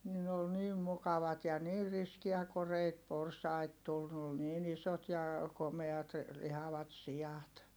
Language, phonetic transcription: Finnish, ni ne ol niim mukavat ja niir riskiä koreit porsait tul ne ol niin ‿isot ja , komeat , lihavat si₍at .
- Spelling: niin ne oli niin mukavat ja niin riskejä koreita porsaita tuli ne oli niin isot ja komeat lihavat siat

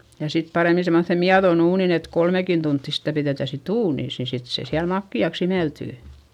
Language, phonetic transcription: Finnish, ja sit parèmi semmoϑe miaδon ‿uunin ‿et kolmekin tuntti sitä piδètä sit ‿uunìs ni sit se siäl makki₍aks ‿imeltỳ .
- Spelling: ja sitten paremmin semmoiseen mietoon uuniin että kolmekin tuntia sitä pidetään sitten uunissa niin sitten se siellä makeaksi imeltyy

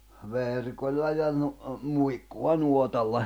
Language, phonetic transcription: Finnish, 'verkoĺla ja nu- , 'muikku₍a 'nuotalla .
- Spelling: verkolla ja - muikkua nuotalla

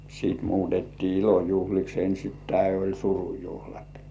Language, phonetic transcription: Finnish, siit 'muutettii "ilojuhliks 'ensittäi oĺ "surujuhlat .
- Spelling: sitten muutettiin ilojuhliksi ensin oli surujuhlat

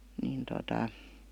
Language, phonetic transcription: Finnish, niin tota ,.
- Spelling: niin tuota

